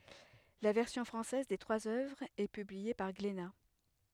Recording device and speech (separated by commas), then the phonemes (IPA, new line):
headset microphone, read sentence
la vɛʁsjɔ̃ fʁɑ̃sɛz de tʁwaz œvʁz ɛ pyblie paʁ ɡlena